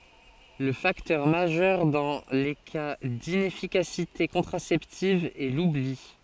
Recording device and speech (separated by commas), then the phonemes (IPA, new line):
forehead accelerometer, read sentence
lə faktœʁ maʒœʁ dɑ̃ le ka dinɛfikasite kɔ̃tʁasɛptiv ɛ lubli